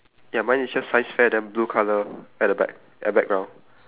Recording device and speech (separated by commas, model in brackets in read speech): telephone, conversation in separate rooms